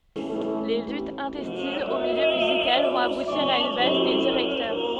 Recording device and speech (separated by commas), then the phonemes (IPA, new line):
soft in-ear microphone, read sentence
le lytz ɛ̃tɛstinz o miljø myzikal vɔ̃t abutiʁ a yn vals de diʁɛktœʁ